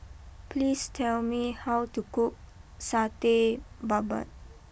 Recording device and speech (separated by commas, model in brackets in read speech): boundary microphone (BM630), read sentence